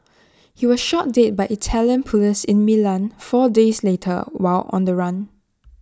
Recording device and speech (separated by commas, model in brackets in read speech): standing microphone (AKG C214), read sentence